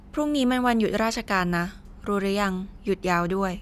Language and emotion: Thai, neutral